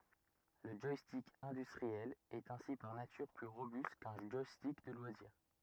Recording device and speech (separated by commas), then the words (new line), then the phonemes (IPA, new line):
rigid in-ear microphone, read sentence
Le joystick industriel est ainsi par nature plus robuste qu'un joystick de loisir.
lə ʒwastik ɛ̃dystʁiɛl ɛt ɛ̃si paʁ natyʁ ply ʁobyst kœ̃ ʒwastik də lwaziʁ